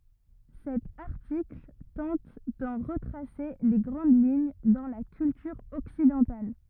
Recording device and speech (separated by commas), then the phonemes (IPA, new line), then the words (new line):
rigid in-ear microphone, read sentence
sɛt aʁtikl tɑ̃t dɑ̃ ʁətʁase le ɡʁɑ̃d liɲ dɑ̃ la kyltyʁ ɔksidɑ̃tal
Cet article tente d'en retracer les grandes lignes dans la culture occidentale.